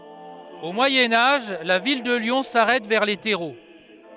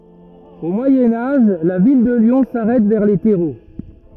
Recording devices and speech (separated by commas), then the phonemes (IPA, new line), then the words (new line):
headset microphone, rigid in-ear microphone, read sentence
o mwajɛ̃ aʒ la vil də ljɔ̃ saʁɛt vɛʁ le tɛʁo
Au Moyen Âge, la ville de Lyon s’arrête vers les Terreaux.